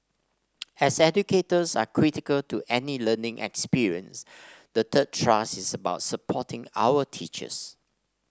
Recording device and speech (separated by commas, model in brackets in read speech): standing microphone (AKG C214), read sentence